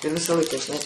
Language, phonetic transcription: Lithuanian, ir ˈvisa ˈlaika žiˈnai

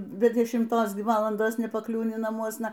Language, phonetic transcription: Lithuanian, be dešimˈtos ˈgi ˈvalandos nepaˈkliūni naˈmuosna

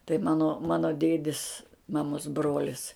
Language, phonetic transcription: Lithuanian, tai ˈmano ˈmano ˈdėdis maˈmos ˈbrolis

